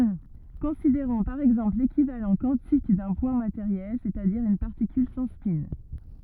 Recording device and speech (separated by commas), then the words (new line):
rigid in-ear microphone, read sentence
Considérons par exemple l'équivalent quantique d'un point matériel, c’est-à-dire une particule sans spin.